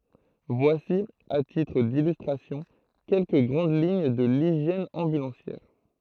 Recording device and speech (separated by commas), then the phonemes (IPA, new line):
throat microphone, read sentence
vwasi a titʁ dilystʁasjɔ̃ kɛlkə ɡʁɑ̃d liɲ də liʒjɛn ɑ̃bylɑ̃sjɛʁ